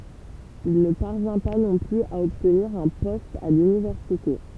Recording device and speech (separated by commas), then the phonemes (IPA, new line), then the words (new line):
temple vibration pickup, read sentence
il nə paʁvjɛ̃ pa nɔ̃ plyz a ɔbtniʁ œ̃ pɔst a lynivɛʁsite
Il ne parvient pas non plus à obtenir un poste à l'Université.